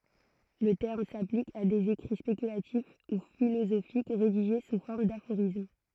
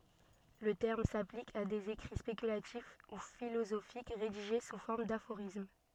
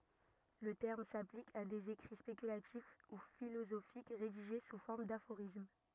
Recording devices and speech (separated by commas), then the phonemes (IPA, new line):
throat microphone, soft in-ear microphone, rigid in-ear microphone, read sentence
lə tɛʁm saplik a dez ekʁi spekylatif u filozofik ʁediʒe su fɔʁm dafoʁism